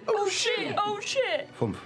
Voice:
high-pitched